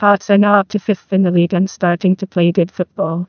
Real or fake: fake